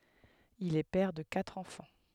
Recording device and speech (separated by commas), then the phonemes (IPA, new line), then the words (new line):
headset microphone, read sentence
il ɛ pɛʁ də katʁ ɑ̃fɑ̃
Il est père de quatre enfants.